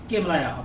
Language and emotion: Thai, neutral